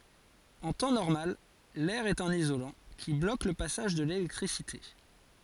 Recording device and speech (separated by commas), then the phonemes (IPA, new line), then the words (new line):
forehead accelerometer, read sentence
ɑ̃ tɑ̃ nɔʁmal lɛʁ ɛt œ̃n izolɑ̃ ki blok lə pasaʒ də lelɛktʁisite
En temps normal l'air est un isolant, qui bloque le passage de l'électricité.